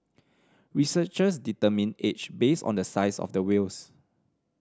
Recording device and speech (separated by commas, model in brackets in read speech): standing microphone (AKG C214), read sentence